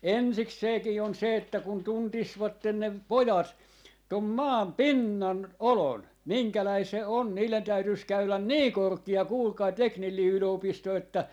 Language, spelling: Finnish, ensikseenkin on se että kun tuntisivat ne pojat tuon maan pinnan olon minkälainen se on niiden täytyisi käydä niin korkea kuulkaa teknillinen yliopisto että
- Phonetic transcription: "ensikseekii 'on 'se että kun 'tuntisvatten ne "pojat , 'tom 'maam "pinnan , "olon , 'miŋkäläi se "on , 'niilen 'täytyis 'käylän "nii "korki₍a 'kuulkai 'teknillii 'yl₍opisto että ,.

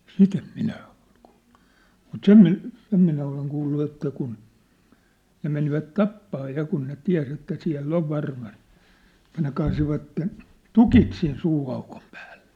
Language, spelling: Finnish, sitä en minä ole kuullut mutta sen - sen minä olen kuullut että kun ne menivät tappamaan ja kun ne tiesi että siellä on varmasti että ne kaatoivat tukit sinne suuaukon päälle
- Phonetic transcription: sit ‿em 'minä ᴏʟ kᴜᴜʟʟᴜ , mut "sem mi- , 'sem minä oleŋ kuullu että kun , 'ne menivät "tappaa 'ja kun ne "tiä̭s ‿että 'siä̭l"l ‿ov 'varmast , ᵉt̀ä ne kaasivatten , "tukit sin 'suu₍aukom pᴀ̈ᴀ̈ʟʟᴇ .

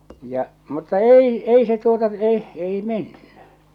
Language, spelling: Finnish, ja mutta ei ei se tuota se ei mennyt
- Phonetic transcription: ja , mutta "ei , 'ei se tuota se , 'ei "menny .

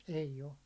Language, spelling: Finnish, ei ole
- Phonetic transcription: ei'j ‿o .

